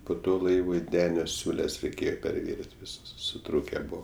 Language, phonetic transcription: Lithuanian, po ˈto ˈlaivui ˈdenio ˈsiūles reiˈkėjo perˈvirint' viˈsas suˈtrūke ˈbuo

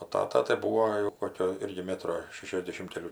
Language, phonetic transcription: Lithuanian, o ˈtata tai ˈbūo jau ˈkokio ˈirgi ˈmetro ˈšešiasdešim keˈlių

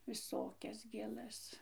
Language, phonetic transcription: Lithuanian, viˈsokias gėˈlas

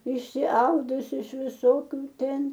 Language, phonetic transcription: Lithuanian, išsiˈaudusi iš viˈsokiu ˈten

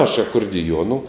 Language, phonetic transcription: Lithuanian, aš akurdiˈjuonu

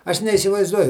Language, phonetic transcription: Lithuanian, ˈaš neįsivaizˈduoju

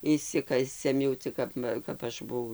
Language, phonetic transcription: Lithuanian, išˈsikasem jau ˈcik kap ˈva kap ˈaš buˈvau

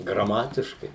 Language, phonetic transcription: Lithuanian, graˈmatiškai

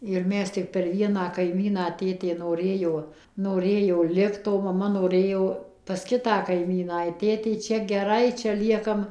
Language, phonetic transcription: Lithuanian, ir ˈmes ˈtik per ˈvieną kaiˈmyną ˈtėtė noˈrėjo noˈrėjo ˈlikt o maˈma noˈrėjo pas ˈkitą kaiˈmyną ir ˈtėtei ˈčia geˈrai čia ˈliekam

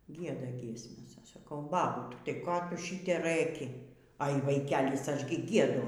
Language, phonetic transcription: Lithuanian, ˈgieda ˈgiesmes ˈaš saˈkau ˈbabut' tai ˈko ˈtu ˈšite ˈrɘki ai vaˈikelis ˈaš gi ˈgiedu

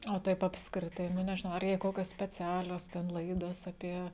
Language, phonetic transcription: Lithuanian, o ˈtaip apskriˈtai ˈnu nežiˈnau ar jei ˈkokios speˈcialios ten ˈlaidos aˈpie

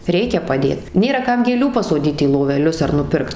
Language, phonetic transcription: Lithuanian, ˈreikia paˈdėt ˈnėra ˈkam gėˈlių pasoˈdyt į loveˈlius ar nuˈpirkt

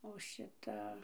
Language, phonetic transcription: Lithuanian, o ˈšita

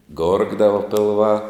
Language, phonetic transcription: Lithuanian, ˈgorgdava pilˈvā

